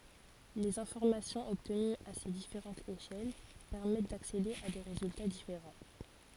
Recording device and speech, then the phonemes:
forehead accelerometer, read sentence
lez ɛ̃fɔʁmasjɔ̃z ɔbtənyz a se difeʁɑ̃tz eʃɛl pɛʁmɛt daksede a de ʁezylta difeʁɑ̃

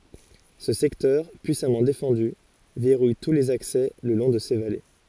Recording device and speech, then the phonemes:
forehead accelerometer, read sentence
sə sɛktœʁ pyisamɑ̃ defɑ̃dy vɛʁuj tu lez aksɛ lə lɔ̃ də se vale

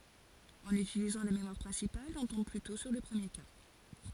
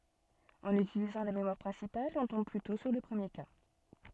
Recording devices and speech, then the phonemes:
forehead accelerometer, soft in-ear microphone, read sentence
ɑ̃n ytilizɑ̃ la memwaʁ pʁɛ̃sipal ɔ̃ tɔ̃b plytɔ̃ syʁ lə pʁəmje ka

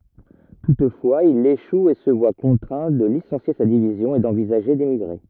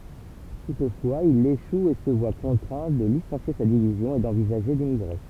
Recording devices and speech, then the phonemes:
rigid in-ear microphone, temple vibration pickup, read sentence
tutfwaz il eʃu e sə vwa kɔ̃tʁɛ̃ də lisɑ̃sje sa divizjɔ̃ e dɑ̃vizaʒe demiɡʁe

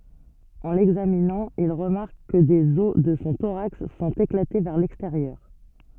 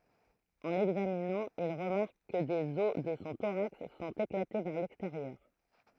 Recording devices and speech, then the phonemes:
soft in-ear microphone, throat microphone, read sentence
ɑ̃ lɛɡzaminɑ̃ il ʁəmaʁk kə dez ɔs də sɔ̃ toʁaks sɔ̃t eklate vɛʁ lɛksteʁjœʁ

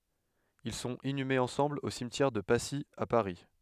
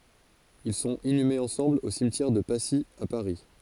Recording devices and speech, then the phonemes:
headset microphone, forehead accelerometer, read sentence
il sɔ̃t inymez ɑ̃sɑ̃bl o simtjɛʁ də pasi a paʁi

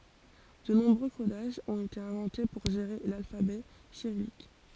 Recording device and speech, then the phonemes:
forehead accelerometer, read sentence
də nɔ̃bʁø kodaʒz ɔ̃t ete ɛ̃vɑ̃te puʁ ʒeʁe lalfabɛ siʁijik

